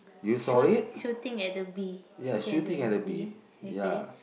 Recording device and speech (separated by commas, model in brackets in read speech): boundary microphone, conversation in the same room